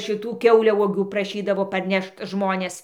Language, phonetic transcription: Lithuanian, šiˈtų ˈkiauliauogių praˈšydavo parˈnešt ˈžmonės

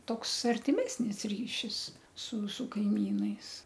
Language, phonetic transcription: Lithuanian, ˈtoks artiˈmesnis ˈryšis su su kaiˈmynais

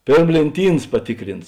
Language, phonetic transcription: Lithuanian, ˈpėrm lėnˈtyns paˈtikrins

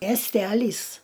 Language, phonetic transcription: Lithuanian, miesˈtælys

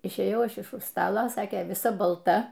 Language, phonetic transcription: Lithuanian, išėˈjau ˈaš iš už ˈstala ˈsakė viˈsa balˈta

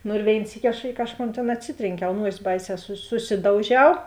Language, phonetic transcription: Lithuanian, ˈnu ir ˈvėin ˈsyki aš ˈi kažˌkon tėn atˈsitrėnˌkiau ˈnuosi ˈbaiˌsē su suˈsidauˌžiau

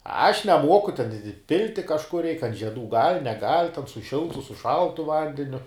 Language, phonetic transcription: Lithuanian, aš neˈmuoku ten i ˈpilti kažˈkur reik ant žieˈdų gal' neˈgal' ten su ˈšiltu su ˈšaltu ˈvandeniu

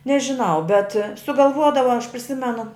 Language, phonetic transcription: Lithuanian, nežiˈnau bet sugalˈvuodava aš priˈsimenu

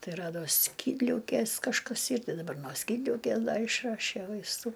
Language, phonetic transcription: Lithuanian, ˈtai ˈrado ˈskydliaukės kažˈkas ˈyr ˈtai daˈbar no ˈskydliaukė ˈda išˈrašė vaisˈtų

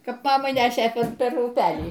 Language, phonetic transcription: Lithuanian, ˈkap ˈmamai ˈnešė ˈper per uˈpelį

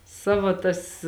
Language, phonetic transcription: Lithuanian, ˈsava tas

